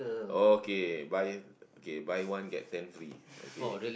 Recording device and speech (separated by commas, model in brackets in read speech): boundary microphone, conversation in the same room